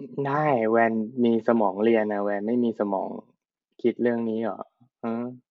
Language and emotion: Thai, frustrated